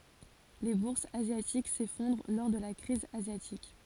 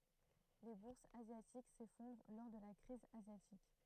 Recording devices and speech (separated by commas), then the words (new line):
forehead accelerometer, throat microphone, read sentence
Les bourses asiatiques s'effondrent lors de la crise asiatique.